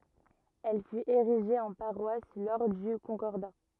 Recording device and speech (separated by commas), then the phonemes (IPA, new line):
rigid in-ear microphone, read sentence
ɛl fyt eʁiʒe ɑ̃ paʁwas lɔʁ dy kɔ̃kɔʁda